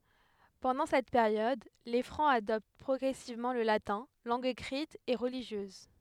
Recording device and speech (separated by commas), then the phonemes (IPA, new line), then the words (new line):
headset microphone, read sentence
pɑ̃dɑ̃ sɛt peʁjɔd le fʁɑ̃z adɔpt pʁɔɡʁɛsivmɑ̃ lə latɛ̃ lɑ̃ɡ ekʁit e ʁəliʒjøz
Pendant cette période, les Francs adoptent progressivement le latin, langue écrite et religieuse.